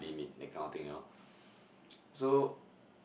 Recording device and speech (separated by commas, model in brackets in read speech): boundary microphone, conversation in the same room